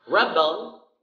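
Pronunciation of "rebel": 'Rebel' is stressed on the first syllable, as the noun is pronounced.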